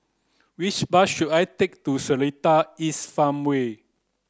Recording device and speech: close-talking microphone (WH30), read sentence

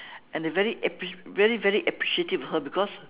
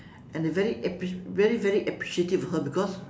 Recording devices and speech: telephone, standing microphone, conversation in separate rooms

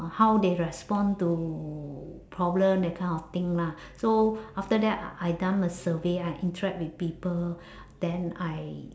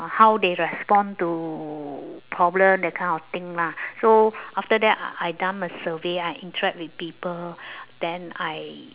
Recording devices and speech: standing microphone, telephone, conversation in separate rooms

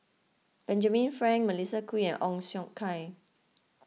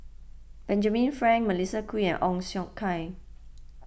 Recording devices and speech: mobile phone (iPhone 6), boundary microphone (BM630), read sentence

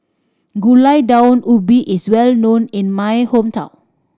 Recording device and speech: standing microphone (AKG C214), read sentence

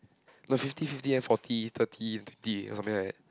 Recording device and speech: close-talking microphone, conversation in the same room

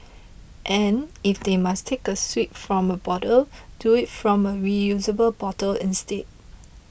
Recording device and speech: boundary microphone (BM630), read sentence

